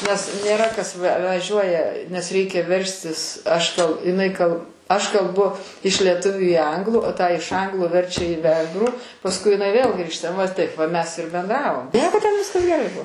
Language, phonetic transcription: Lithuanian, nes nėˈra kas ve vaˈžiuoja nes ˈreikia ˈverstis aš tau iˈnai kal aš kalˈbu iš lieˈtuviu į ˈanglų tą iš ˈanglų ˈverčia į ˈvengrų pasˈkui iˈnai vėl ˈgrįžta va ˈtaip va ˈmes ir benˈdravom ˈnieko ten ˈviskas geˈrai ˈbuo

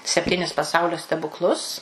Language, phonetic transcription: Lithuanian, sepˈtynis paˈsaulio stebukˈlus

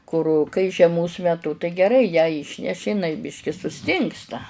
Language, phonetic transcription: Lithuanian, kur kai žieˈmos meˈtu tai geˈrai ją ˈyšneši iˈnai ˈbiški suˈstingsta

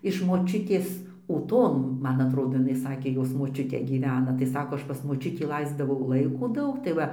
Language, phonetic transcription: Lithuanian, iš moˈčiutės ūˈton ˈman atˈrodo jiˈnai ˈsakė ˈjos moˈčiutė gyˈvena tai ˈsako ˈaš ˈpas moˈčiutį ˈlaisdavau ˈlaiko ˈdaug tai ˈva

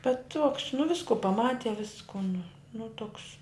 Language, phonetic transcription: Lithuanian, bet tuoks nu ˈvisku paˈmati ˈvisku nu ˈnu ˈtuks

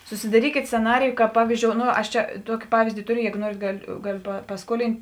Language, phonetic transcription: Lithuanian, susidaˈrykėt sceˈnariju kāp ˈpavyzˌdžiou ˈno ˈaš ˈčia ˈtuoki ˈpavyzdi ˈtoˌriu ˈjego ˈnuorėt ˈgaˌliu ˈgaˌliu pa paˈskuolin't'

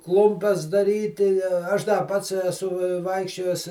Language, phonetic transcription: Lithuanian, ˈklumpes daˈryti ˈaš da ˈpats eˈsu ˈvaikščiojes

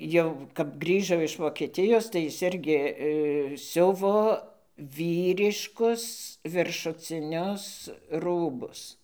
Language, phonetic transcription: Lithuanian, ˈjau kap ˈgrįžo iš vokeˈtijos tai ˈjis ˈirgi ˈsiuvo ˈvyriškus viršuciˈnius ˈrūbus

